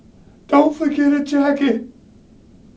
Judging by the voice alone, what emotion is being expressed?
fearful